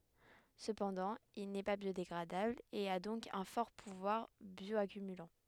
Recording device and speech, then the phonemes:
headset microphone, read sentence
səpɑ̃dɑ̃ il nɛ pa bjodeɡʁadabl e a dɔ̃k œ̃ fɔʁ puvwaʁ bjɔakymylɑ̃

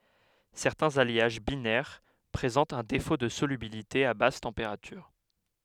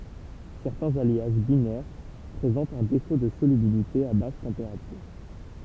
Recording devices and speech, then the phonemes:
headset microphone, temple vibration pickup, read sentence
sɛʁtɛ̃z aljaʒ binɛʁ pʁezɑ̃tt œ̃ defo də solybilite a bas tɑ̃peʁatyʁ

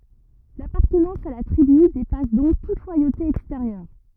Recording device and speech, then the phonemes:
rigid in-ear microphone, read sentence
lapaʁtənɑ̃s a la tʁiby depas dɔ̃k tut lwajote ɛksteʁjœʁ

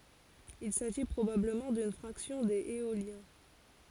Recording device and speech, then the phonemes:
forehead accelerometer, read sentence
il saʒi pʁobabləmɑ̃ dyn fʁaksjɔ̃ dez eoljɛ̃

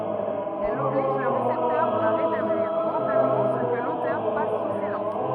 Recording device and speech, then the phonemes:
rigid in-ear microphone, read sentence
ɛl ɔbliʒ lə ʁesɛptœʁ a ʁetabliʁ mɑ̃talmɑ̃ sə kə lotœʁ pas su silɑ̃s

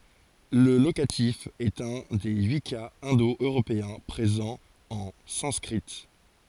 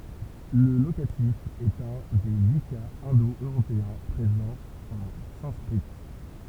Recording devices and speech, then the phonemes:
forehead accelerometer, temple vibration pickup, read sentence
lə lokatif ɛt œ̃ de yi kaz ɛ̃do øʁopeɛ̃ pʁezɑ̃ ɑ̃ sɑ̃skʁi

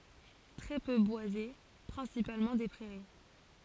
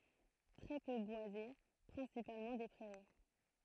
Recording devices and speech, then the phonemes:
forehead accelerometer, throat microphone, read sentence
tʁɛ pø bwaze pʁɛ̃sipalmɑ̃ de pʁɛʁi

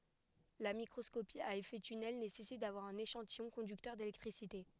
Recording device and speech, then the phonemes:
headset microphone, read sentence
la mikʁɔskopi a efɛ tynɛl nesɛsit davwaʁ œ̃n eʃɑ̃tijɔ̃ kɔ̃dyktœʁ delɛktʁisite

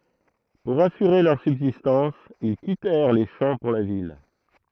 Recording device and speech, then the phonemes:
throat microphone, read sentence
puʁ asyʁe lœʁ sybzistɑ̃s il kitɛʁ le ʃɑ̃ puʁ la vil

